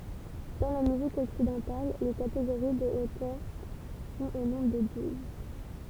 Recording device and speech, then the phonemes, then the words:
temple vibration pickup, read sentence
dɑ̃ la myzik ɔksidɑ̃tal le kateɡoʁi də otœʁ sɔ̃t o nɔ̃bʁ də duz
Dans la musique occidentale, les catégories de hauteurs sont au nombre de douze.

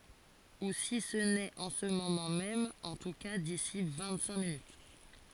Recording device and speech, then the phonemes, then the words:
forehead accelerometer, read sentence
u si sə nɛt ɑ̃ sə momɑ̃ mɛm ɑ̃ tu ka disi vɛ̃t sɛ̃k minyt
Ou si ce n'est en ce moment même, en tout cas d'ici vingt-cinq minutes.

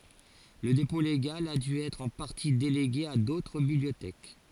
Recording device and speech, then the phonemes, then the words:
forehead accelerometer, read sentence
lə depɔ̃ leɡal a dy ɛtʁ ɑ̃ paʁti deleɡe a dotʁ bibliotɛk
Le dépôt légal a dû être en partie délégué à d'autres bibliothèques.

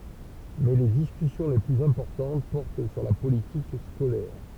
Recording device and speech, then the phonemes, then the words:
temple vibration pickup, read sentence
mɛ le diskysjɔ̃ le plyz ɛ̃pɔʁtɑ̃t pɔʁt syʁ la politik skolɛʁ
Mais les discussions les plus importantes portent sur la politique scolaire.

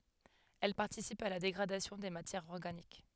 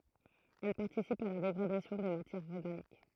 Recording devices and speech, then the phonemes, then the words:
headset microphone, throat microphone, read sentence
ɛl paʁtisipt a la deɡʁadasjɔ̃ de matjɛʁz ɔʁɡanik
Elles participent à la dégradation des matières organiques.

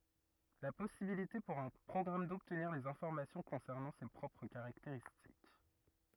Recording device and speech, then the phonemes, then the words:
rigid in-ear microphone, read sentence
la pɔsibilite puʁ œ̃ pʁɔɡʁam dɔbtniʁ dez ɛ̃fɔʁmasjɔ̃ kɔ̃sɛʁnɑ̃ se pʁɔpʁ kaʁakteʁistik
La possibilité pour un programme d'obtenir des informations concernant ses propres caractéristiques.

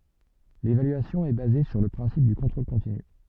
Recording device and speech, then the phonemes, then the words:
soft in-ear microphone, read sentence
levalyasjɔ̃ ɛ baze syʁ lə pʁɛ̃sip dy kɔ̃tʁol kɔ̃tiny
L’évaluation est basée sur le principe du contrôle continu.

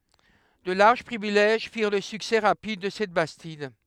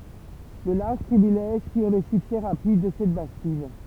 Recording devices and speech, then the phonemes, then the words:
headset microphone, temple vibration pickup, read sentence
də laʁʒ pʁivilɛʒ fiʁ lə syksɛ ʁapid də sɛt bastid
De larges privilèges firent le succès rapide de cette bastide.

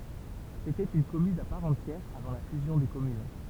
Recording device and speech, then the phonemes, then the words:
temple vibration pickup, read sentence
setɛt yn kɔmyn a paʁ ɑ̃tjɛʁ avɑ̃ la fyzjɔ̃ de kɔmyn
C’était une commune à part entière avant la fusion des communes.

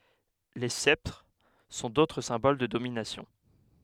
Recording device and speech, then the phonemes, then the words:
headset microphone, read sentence
le sɛptʁ sɔ̃ dotʁ sɛ̃bol də dominasjɔ̃
Les sceptres sont d'autres symboles de domination.

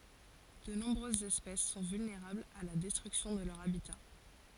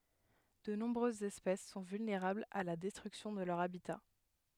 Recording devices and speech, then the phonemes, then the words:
forehead accelerometer, headset microphone, read sentence
də nɔ̃bʁøzz ɛspɛs sɔ̃ vylneʁablz a la dɛstʁyksjɔ̃ də lœʁ abita
De nombreuses espèces sont vulnérables à la destruction de leur habitat.

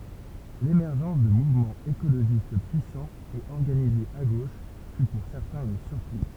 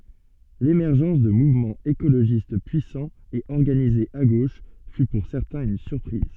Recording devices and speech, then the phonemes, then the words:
temple vibration pickup, soft in-ear microphone, read sentence
lemɛʁʒɑ̃s də muvmɑ̃z ekoloʒist pyisɑ̃z e ɔʁɡanizez a ɡoʃ fy puʁ sɛʁtɛ̃z yn syʁpʁiz
L’émergence de mouvements écologistes puissants et organisés à gauche fut pour certains une surprise.

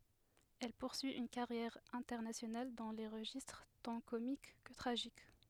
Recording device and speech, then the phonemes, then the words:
headset microphone, read sentence
ɛl puʁsyi yn kaʁjɛʁ ɛ̃tɛʁnasjonal dɑ̃ le ʁəʒistʁ tɑ̃ komik kə tʁaʒik
Elle poursuit une carrière internationale dans les registres tant comiques que tragiques.

